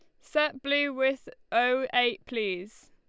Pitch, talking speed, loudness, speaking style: 255 Hz, 135 wpm, -28 LUFS, Lombard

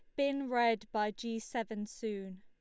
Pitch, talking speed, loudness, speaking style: 225 Hz, 165 wpm, -36 LUFS, Lombard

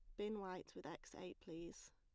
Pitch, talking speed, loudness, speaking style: 185 Hz, 205 wpm, -51 LUFS, plain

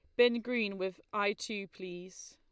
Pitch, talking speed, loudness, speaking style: 205 Hz, 170 wpm, -34 LUFS, Lombard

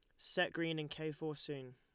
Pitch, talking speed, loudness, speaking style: 155 Hz, 235 wpm, -40 LUFS, Lombard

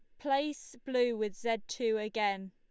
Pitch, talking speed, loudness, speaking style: 230 Hz, 155 wpm, -33 LUFS, Lombard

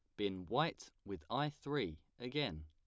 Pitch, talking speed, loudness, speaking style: 100 Hz, 150 wpm, -41 LUFS, plain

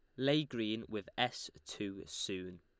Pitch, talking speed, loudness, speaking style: 105 Hz, 150 wpm, -38 LUFS, Lombard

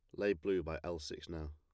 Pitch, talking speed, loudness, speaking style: 85 Hz, 270 wpm, -40 LUFS, plain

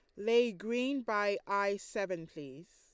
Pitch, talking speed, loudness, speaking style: 200 Hz, 140 wpm, -34 LUFS, Lombard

